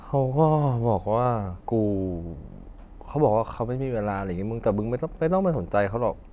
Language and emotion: Thai, neutral